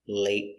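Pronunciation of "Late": In 'late', the t at the end is a stop t: the air is stopped, and the t is not completed.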